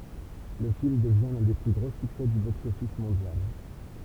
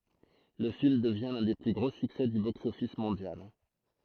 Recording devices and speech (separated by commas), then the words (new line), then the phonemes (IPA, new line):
temple vibration pickup, throat microphone, read sentence
Le film devient l'un des plus gros succès du box-office mondial.
lə film dəvjɛ̃ lœ̃ de ply ɡʁo syksɛ dy boksɔfis mɔ̃djal